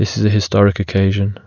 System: none